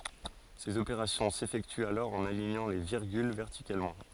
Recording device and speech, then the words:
forehead accelerometer, read sentence
Ces opérations s’effectuent alors en alignant les virgules verticalement.

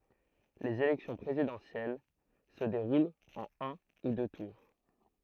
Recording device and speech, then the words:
throat microphone, read sentence
Les élections présidentielles se déroulent en un ou deux tours.

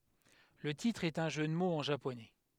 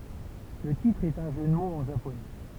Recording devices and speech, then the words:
headset microphone, temple vibration pickup, read sentence
Le titre est un jeu de mots en japonais.

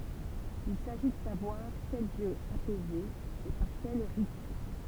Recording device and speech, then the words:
temple vibration pickup, read sentence
Il s'agit de savoir quel dieu apaiser et par quels rites.

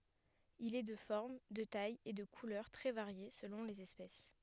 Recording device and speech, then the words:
headset microphone, read sentence
Il est de forme, de taille et de couleurs très variées selon les espèces.

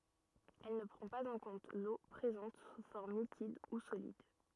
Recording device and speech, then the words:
rigid in-ear microphone, read sentence
Elle ne prend pas en compte l'eau présente sous forme liquide ou solide.

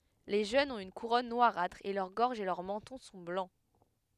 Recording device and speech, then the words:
headset microphone, read sentence
Les jeunes ont une couronne noirâtre et leur gorge et leur menton sont blancs.

